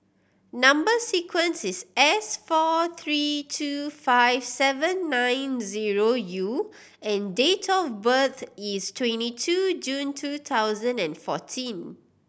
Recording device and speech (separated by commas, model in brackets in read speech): boundary microphone (BM630), read sentence